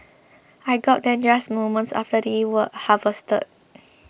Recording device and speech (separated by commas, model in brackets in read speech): boundary microphone (BM630), read sentence